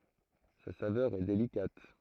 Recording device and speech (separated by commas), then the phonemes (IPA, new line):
throat microphone, read sentence
sa savœʁ ɛ delikat